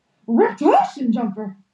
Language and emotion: English, surprised